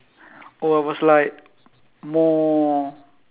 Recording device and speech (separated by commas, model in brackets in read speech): telephone, conversation in separate rooms